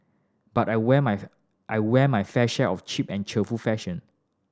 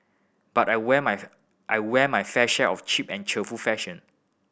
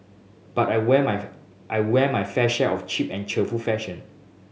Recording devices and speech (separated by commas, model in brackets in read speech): standing microphone (AKG C214), boundary microphone (BM630), mobile phone (Samsung S8), read sentence